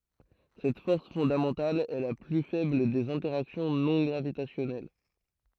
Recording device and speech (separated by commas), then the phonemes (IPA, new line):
throat microphone, read sentence
sɛt fɔʁs fɔ̃damɑ̃tal ɛ la ply fɛbl dez ɛ̃tɛʁaksjɔ̃ nɔ̃ ɡʁavitasjɔnɛl